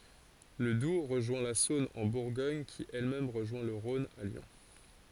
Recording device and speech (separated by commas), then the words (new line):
forehead accelerometer, read sentence
Le Doubs rejoint la Saône en Bourgogne qui elle-même rejoint le Rhône à Lyon.